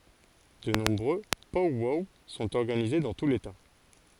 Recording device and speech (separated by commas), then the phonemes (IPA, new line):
forehead accelerometer, read sentence
də nɔ̃bʁø pɔw wɔw sɔ̃t ɔʁɡanize dɑ̃ tu leta